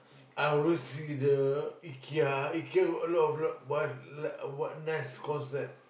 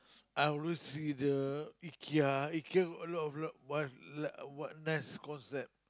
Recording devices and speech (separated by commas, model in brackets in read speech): boundary microphone, close-talking microphone, conversation in the same room